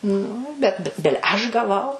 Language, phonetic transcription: Lithuanian, nu bet bi ˈbile ˈaš gaˈvau

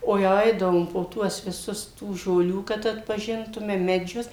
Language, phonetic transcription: Lithuanian, o jau ˈaidavom po ˈtuos viˈsus tų žoˈlių kad atpaˈžintume meˈdžius

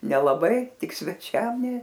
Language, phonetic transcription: Lithuanian, nelaˈbai ˈtik sveˈčiam ne

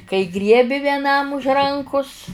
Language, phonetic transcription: Lithuanian, kai ˈgriebi vieˈnam už ˈrankus

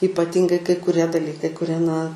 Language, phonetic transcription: Lithuanian, ypaˈtingai kai kuˈrie daˈlykai kuˈrie na

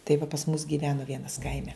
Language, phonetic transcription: Lithuanian, tai va pas mus gyˈvenu ˈvienas ˈkaime

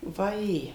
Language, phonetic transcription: Lithuanian, vaˈjė

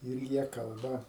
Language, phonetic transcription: Lithuanian, ir ˈjie ˈkalba

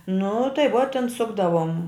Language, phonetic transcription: Lithuanian, nu tai vuo ten ˈsukdavom

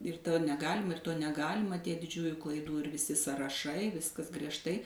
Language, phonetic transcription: Lithuanian, ir ˈto neˈgalima ir ˈto neˈgalima ˈtie diˈdžiųju klaiˈdų ir viˈsi saraˈšai ˈviskas griežˈtai

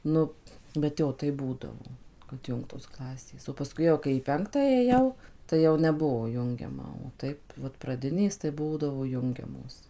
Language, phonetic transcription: Lithuanian, ˈnu bet ˈjo ˈtaip ˈbūdavo kad ˈjungtos ˈklasės o paˈskui jau kai į ˈpenktą ėˈjau tai ˈjau neˈbuo ˈjungiama o ˈtaip vat praˈdinės tai ˈbūdavo ˈjungiamos

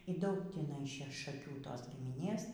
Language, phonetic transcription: Lithuanian, y ˈdaug tįˈnai ˈše šaˈkių ˈtos gimiˈnės

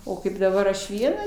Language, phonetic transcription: Lithuanian, o ˈkaip daˈbar aš ˈviena

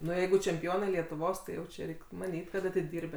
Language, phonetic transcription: Lithuanian, ˈnu ˈjeigu čempiˈonai lietuˈvos tai ˈjau čia ˈreik' maˈnyt' kad atiˈdirbė

